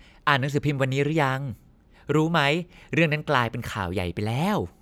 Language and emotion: Thai, happy